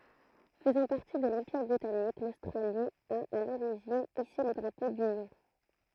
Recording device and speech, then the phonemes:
throat microphone, read sentence
fəzɑ̃ paʁti də lɑ̃piʁ bʁitanik lostʁali a a loʁiʒin ise lə dʁapo dynjɔ̃

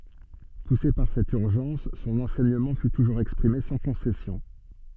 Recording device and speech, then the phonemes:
soft in-ear microphone, read sentence
puse paʁ sɛt yʁʒɑ̃s sɔ̃n ɑ̃sɛɲəmɑ̃ fy tuʒuʁz ɛkspʁime sɑ̃ kɔ̃sɛsjɔ̃

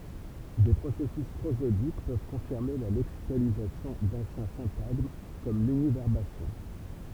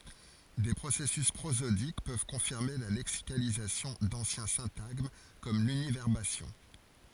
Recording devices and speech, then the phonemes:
temple vibration pickup, forehead accelerometer, read sentence
de pʁosɛsys pʁozodik pøv kɔ̃fiʁme la lɛksikalizasjɔ̃ dɑ̃sjɛ̃ sɛ̃taɡm kɔm lynivɛʁbasjɔ̃

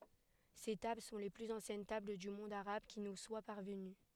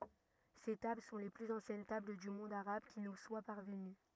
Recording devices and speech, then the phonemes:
headset microphone, rigid in-ear microphone, read sentence
se tabl sɔ̃ le plyz ɑ̃sjɛn tabl dy mɔ̃d aʁab ki nu swa paʁvəny

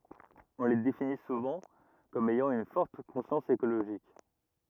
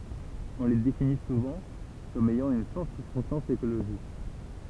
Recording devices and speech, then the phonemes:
rigid in-ear microphone, temple vibration pickup, read sentence
ɔ̃ le defini suvɑ̃ kɔm ɛjɑ̃ yn fɔʁt kɔ̃sjɑ̃s ekoloʒik

